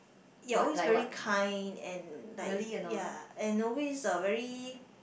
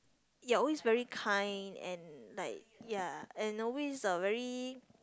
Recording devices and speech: boundary microphone, close-talking microphone, conversation in the same room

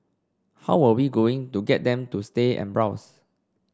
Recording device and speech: standing microphone (AKG C214), read sentence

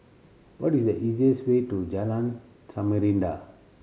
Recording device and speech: mobile phone (Samsung C7100), read sentence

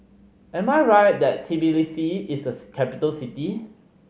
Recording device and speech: mobile phone (Samsung C5010), read sentence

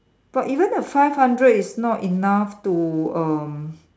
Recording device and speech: standing microphone, conversation in separate rooms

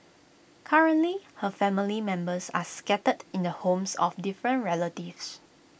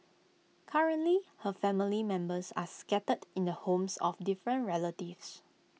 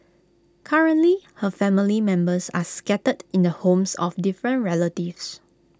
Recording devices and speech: boundary microphone (BM630), mobile phone (iPhone 6), close-talking microphone (WH20), read sentence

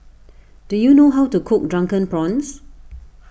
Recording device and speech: boundary microphone (BM630), read sentence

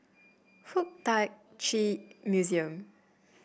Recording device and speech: boundary microphone (BM630), read sentence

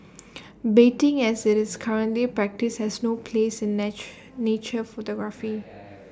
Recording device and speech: standing microphone (AKG C214), read sentence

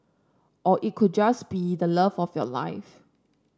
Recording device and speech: standing microphone (AKG C214), read sentence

